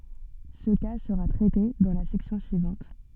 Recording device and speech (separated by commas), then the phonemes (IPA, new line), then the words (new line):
soft in-ear microphone, read sentence
sə ka səʁa tʁɛte dɑ̃ la sɛksjɔ̃ syivɑ̃t
Ce cas sera traité dans la section suivante.